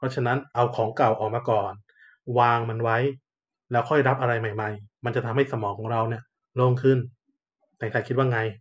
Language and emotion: Thai, neutral